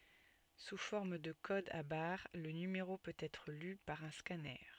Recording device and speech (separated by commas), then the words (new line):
soft in-ear microphone, read sentence
Sous forme de codes à barres, le numéro peut être lu par un scanner.